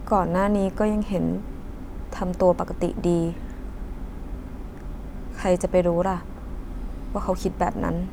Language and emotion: Thai, sad